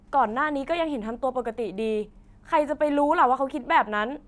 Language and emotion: Thai, frustrated